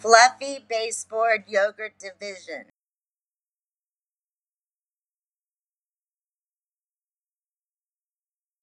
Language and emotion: English, fearful